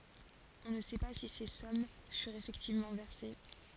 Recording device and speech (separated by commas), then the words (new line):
forehead accelerometer, read sentence
On ne sait pas si ces sommes furent effectivement versées.